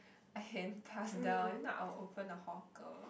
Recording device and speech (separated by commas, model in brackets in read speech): boundary microphone, conversation in the same room